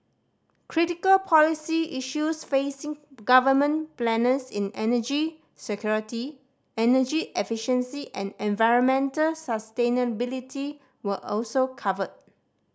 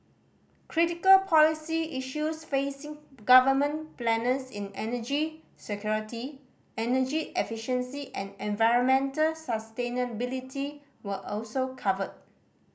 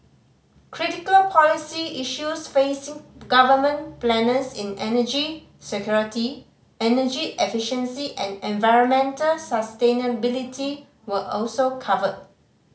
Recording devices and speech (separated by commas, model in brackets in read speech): standing microphone (AKG C214), boundary microphone (BM630), mobile phone (Samsung C5010), read sentence